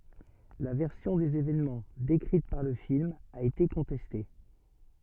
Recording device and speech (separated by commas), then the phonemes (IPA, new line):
soft in-ear microphone, read sentence
la vɛʁsjɔ̃ dez evɛnmɑ̃ dekʁit paʁ lə film a ete kɔ̃tɛste